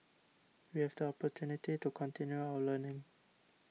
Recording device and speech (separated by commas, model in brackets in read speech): mobile phone (iPhone 6), read sentence